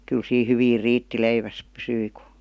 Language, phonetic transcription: Finnish, 'kyl sii "hyviir 'riitti 'leiväs pysyi KU .
- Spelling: kyllä siinä hyvin riitti leivässä pysyi kun

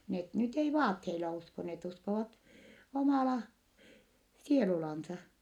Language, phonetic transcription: Finnish, net nyt ei vaatheila usko , net uskovat , omàla , sielulansa .
- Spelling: ne nyt ei vaatteilla usko ne uskovat omalla sielullaan

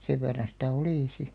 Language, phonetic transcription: Finnish, 'sev verran̬ sitä̀ "olì si .
- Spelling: sen verran sitä oli sitten

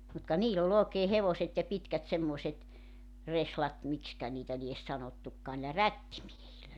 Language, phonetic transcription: Finnish, mut ka 'niil ‿ol ‿ookee 'hevoset ja 'pitkät 'semmoᵉset , 'reslat , 'mikskä niitä lies 'sanottukkaa niilä "rättimiehillä .
- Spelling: mutta ka niillä oli oikein hevoset ja pitkät semmoiset reslat miksikä niitä lie sanottukaan niillä rättimiehillä

